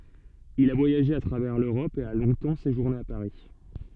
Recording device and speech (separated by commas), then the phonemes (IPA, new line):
soft in-ear microphone, read sentence
il a vwajaʒe a tʁavɛʁ løʁɔp e a lɔ̃tɑ̃ seʒuʁne a paʁi